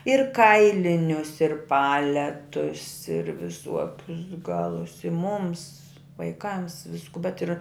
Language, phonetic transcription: Lithuanian, ir ˈkailinius ir ˈpaletus ir viˈsuokius ˈgalus i mums vaiˈkams ˈvisku bet ir

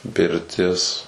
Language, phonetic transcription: Lithuanian, pirˈtis

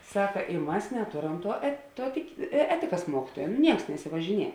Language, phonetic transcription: Lithuanian, ˈsaka i ˈmas neˈtoˌram tuo et ˈtuo tiki ˈetikas ˈmuokituoja nu ˈnieks nesivažiˈnie

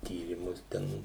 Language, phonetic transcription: Lithuanian, ˈtyrymus ˈten

